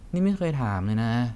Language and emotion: Thai, frustrated